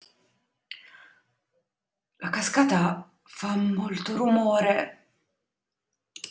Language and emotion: Italian, fearful